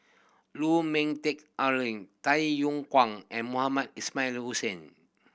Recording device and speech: boundary microphone (BM630), read sentence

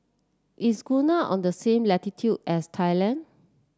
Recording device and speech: standing microphone (AKG C214), read sentence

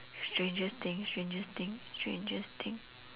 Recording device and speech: telephone, conversation in separate rooms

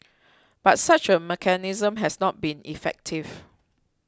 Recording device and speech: close-talking microphone (WH20), read sentence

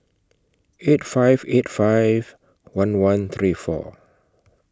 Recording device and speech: close-talking microphone (WH20), read sentence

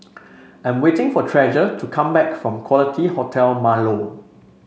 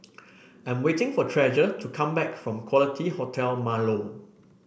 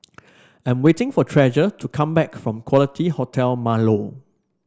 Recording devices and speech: mobile phone (Samsung C5), boundary microphone (BM630), standing microphone (AKG C214), read sentence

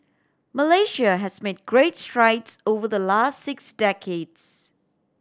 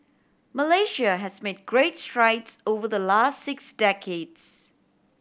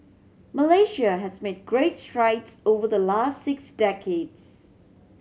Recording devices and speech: standing microphone (AKG C214), boundary microphone (BM630), mobile phone (Samsung C7100), read sentence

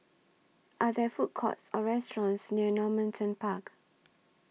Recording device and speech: mobile phone (iPhone 6), read sentence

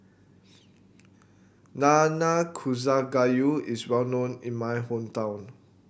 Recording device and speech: boundary microphone (BM630), read sentence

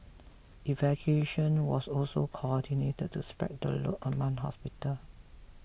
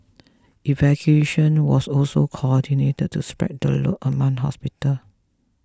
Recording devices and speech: boundary microphone (BM630), close-talking microphone (WH20), read sentence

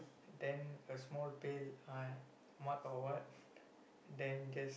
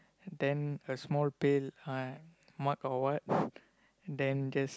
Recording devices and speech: boundary microphone, close-talking microphone, conversation in the same room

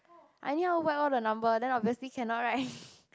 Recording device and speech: close-talking microphone, conversation in the same room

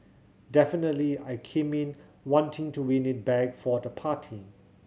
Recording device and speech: mobile phone (Samsung C7100), read sentence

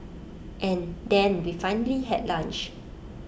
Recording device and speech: boundary microphone (BM630), read sentence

